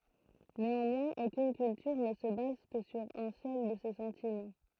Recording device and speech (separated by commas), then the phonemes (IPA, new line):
throat microphone, read sentence
neɑ̃mwɛ̃z okyn kyltyʁ nə sə baz kə syʁ œ̃ sœl də se sɑ̃timɑ̃